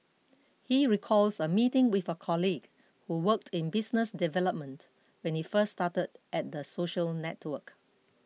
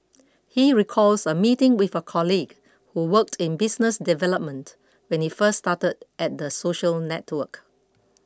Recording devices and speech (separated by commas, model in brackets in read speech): mobile phone (iPhone 6), close-talking microphone (WH20), read sentence